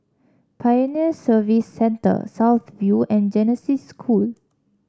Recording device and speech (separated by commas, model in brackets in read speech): standing microphone (AKG C214), read sentence